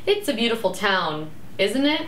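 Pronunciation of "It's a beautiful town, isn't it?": "It's a beautiful town, isn't it?" is said with a rising and falling intonation.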